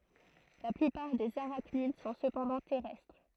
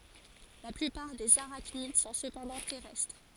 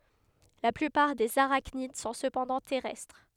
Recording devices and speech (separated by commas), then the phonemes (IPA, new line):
throat microphone, forehead accelerometer, headset microphone, read sentence
la plypaʁ dez aʁaknid sɔ̃ səpɑ̃dɑ̃ tɛʁɛstʁ